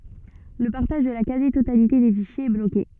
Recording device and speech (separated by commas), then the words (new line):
soft in-ear microphone, read sentence
Le partage de la quasi-totalité des fichiers est bloqué.